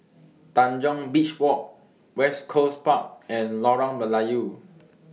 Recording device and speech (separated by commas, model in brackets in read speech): mobile phone (iPhone 6), read sentence